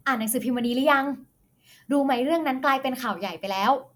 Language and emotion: Thai, happy